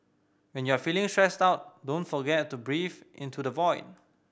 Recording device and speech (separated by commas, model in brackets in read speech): boundary microphone (BM630), read sentence